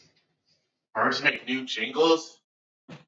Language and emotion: English, angry